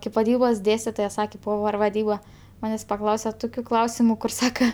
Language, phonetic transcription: Lithuanian, kaip vaˈdybos ˈdėstitoja ˈsakė ˈpover vaˈdyba ˈmanės' paˈklause ˈtukiu ˈklausimu kur ˈsaka

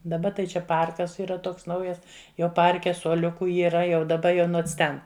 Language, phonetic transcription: Lithuanian, daˈba tai ˈčia ˈparkas yˈra ˈtoks ˈnaujas ˈjo ˈparke suoˈliuku yˈra jau daˈba jo ˈnons ˈten

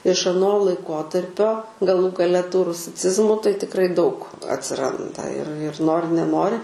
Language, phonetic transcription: Lithuanian, iš aˈno laiˈkotarpio gaˈlų gaˈle tų rusiˈcizmų tai tikˈrai daug atsiˈranda ir ir ˈnori neˈnori

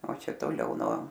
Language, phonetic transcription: Lithuanian, o ˈčia toˈliau nuo

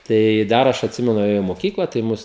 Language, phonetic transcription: Lithuanian, ˈtai ˈdar aš atˈsimenu ėˈjau i moˈkykla tai ˈmus

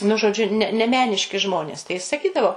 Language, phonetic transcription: Lithuanian, nu žoˈdžiu ne ne ˈmeniški ˈžmonės tai jis saˈkydavo

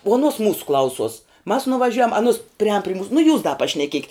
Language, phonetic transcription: Lithuanian, uo aˈnuos ˈmūsu ˈklausuos mas nuvaˈžiujam aˈnus priˈān pri mūs nu jūs da pašneˈkiekit

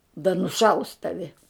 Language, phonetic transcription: Lithuanian, da nuˈšaus ˈtavi

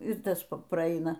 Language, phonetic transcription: Lithuanian, ir ˈtas praˈaina

